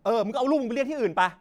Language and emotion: Thai, angry